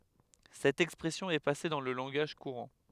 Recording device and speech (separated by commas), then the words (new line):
headset microphone, read sentence
Cette expression est passée dans le langage courant.